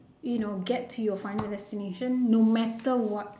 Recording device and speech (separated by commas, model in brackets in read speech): standing microphone, conversation in separate rooms